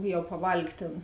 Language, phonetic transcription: Lithuanian, ˈjau paˈvalg' ˈtėn

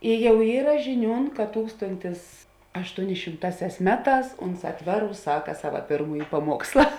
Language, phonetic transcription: Lithuanian, i ˈjau ˈyra žiˈniūn kad ˈtūkstontis aštuoˈni šimˈtāˌsiās ˈmeˌtās ˈunˌsā ˈtveˌrūs ˈsaka ˈsava ˈpėrmūji paˈmuoksla

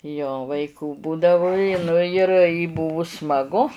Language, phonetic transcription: Lithuanian, jo vaiˈkų ˈbūdavu i ˈnu ir i ˈbuvu smaˈgu

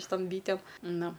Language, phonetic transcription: Lithuanian, šiˈtom ˈbytėm ˈnu

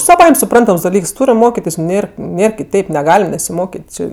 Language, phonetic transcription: Lithuanian, saˈvaim' suˈprantams daˈlyks ˈturim ˈmokitis nes ˈnėr ˈnėr kiˈteip neˈgalim nesiˈmokit' ˈči

